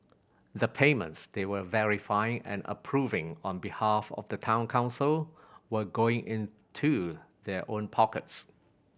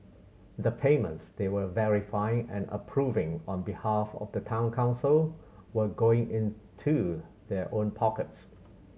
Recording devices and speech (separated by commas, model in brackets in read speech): boundary microphone (BM630), mobile phone (Samsung C7100), read sentence